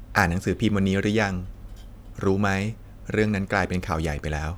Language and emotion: Thai, neutral